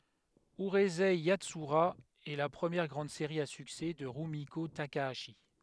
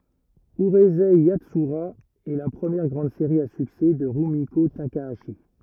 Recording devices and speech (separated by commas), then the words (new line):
headset microphone, rigid in-ear microphone, read sentence
Urusei Yatsura est la première grande série à succès de Rumiko Takahashi.